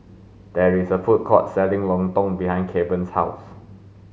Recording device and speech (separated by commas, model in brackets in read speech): mobile phone (Samsung S8), read sentence